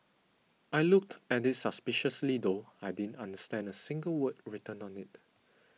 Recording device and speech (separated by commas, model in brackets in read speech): mobile phone (iPhone 6), read sentence